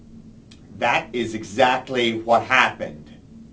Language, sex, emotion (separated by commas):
English, male, angry